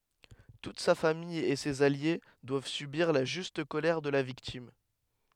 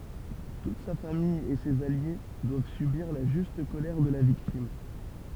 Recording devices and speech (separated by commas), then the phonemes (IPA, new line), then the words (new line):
headset microphone, temple vibration pickup, read sentence
tut sa famij e sez alje dwav sybiʁ la ʒyst kolɛʁ də la viktim
Toute sa famille et ses alliés doivent subir la juste colère de la victime.